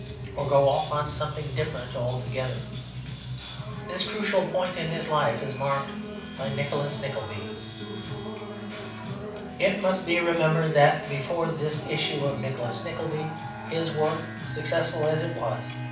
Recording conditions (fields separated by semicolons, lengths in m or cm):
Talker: one person; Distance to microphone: 5.8 m; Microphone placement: far; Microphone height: 1.8 m; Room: medium-sized (5.7 m by 4.0 m); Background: music